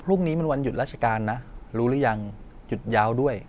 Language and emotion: Thai, neutral